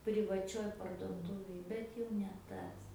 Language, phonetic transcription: Lithuanian, privaˈčioj parduoˈtūvėj ˈbet jau ne ˈtas

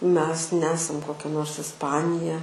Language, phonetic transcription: Lithuanian, mes ˈnesam koˈkia nors isˈpanija

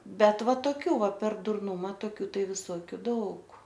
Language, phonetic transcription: Lithuanian, ˈbet ˈva toˈkių ˈva per durˈnuma toˈkių ˈtai viˈsokiu ˈdaug

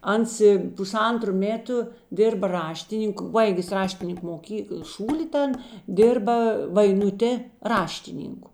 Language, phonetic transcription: Lithuanian, ˈans i puˈsantru ˈmėtu ˈdirba ˈraštinink ˈbaigis ˈraštinink moˈkykəl ˈšūli ˈtan ˈdirba vainuˈtė ˈraštiˌninku

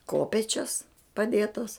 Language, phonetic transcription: Lithuanian, ˈkopėčias paˈdėtas

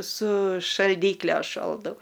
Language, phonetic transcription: Lithuanian, su šalˈdykle ˈšoldau

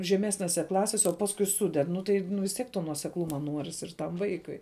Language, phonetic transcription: Lithuanian, žeˈmesnėse ˈklasėse o ˈpaskui ˈsuded ˈnu tai nu vis tˈiek to nuosekˈluma ˈnuoris ir tam ˈvaikui

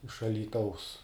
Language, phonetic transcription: Lithuanian, iš alyˈtaus

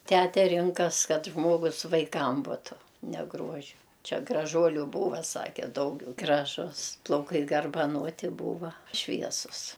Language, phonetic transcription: Lithuanian, ˈtæte ˈrinkas ˈkad ˈžmogus vaiˈkam ˈbutu ne ˈgruoži ˈčia graˈžuoliu ˈbūva ˈsake ˈdaugiau graˈžus plauˈkai garbaˈnoti ˈbūva ˈšviesus

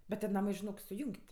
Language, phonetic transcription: Lithuanian, bet tie ˈnamɜ žiˈnok suˈjung't'

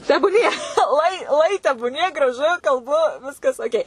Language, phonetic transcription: Lithuanian, tebūˈnie ˈuoi ˈuoi tebūˈnie graˈžu kalˈbu ˈviskas oˈkei

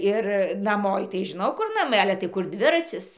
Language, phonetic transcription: Lithuanian, ir naˈmo i tai žiˈnau ˈkur naˈmai ˈale tai ˈkur ˈdviracis

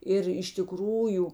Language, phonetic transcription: Lithuanian, ˈir iš tiˈkrųju

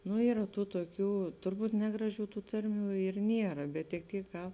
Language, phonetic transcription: Lithuanian, nu ˈyra ˈtų tuoˈkių turˈbūt ˈnegraˌžių ˈtų ˈtarˌmių ir ˈniera bet tik ˈtyk ka

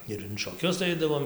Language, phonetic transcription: Lithuanian, ir in šoˈkius ˈaidavom

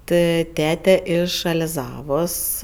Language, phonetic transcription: Lithuanian, ˈtɜ ˈtete ˈiš aliˈzavos

